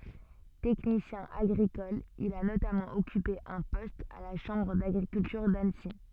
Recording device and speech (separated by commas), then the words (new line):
soft in-ear microphone, read sentence
Technicien agricole, il a notamment occupé un poste à la Chambre d'agriculture d'Annecy.